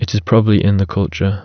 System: none